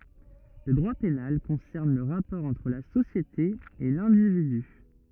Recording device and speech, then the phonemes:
rigid in-ear microphone, read sentence
lə dʁwa penal kɔ̃sɛʁn lə ʁapɔʁ ɑ̃tʁ la sosjete e lɛ̃dividy

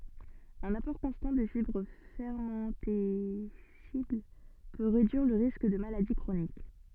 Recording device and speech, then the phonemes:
soft in-ear microphone, read sentence
œ̃n apɔʁ kɔ̃stɑ̃ də fibʁ fɛʁmɑ̃tɛsibl pø ʁedyiʁ lə ʁisk də maladi kʁonik

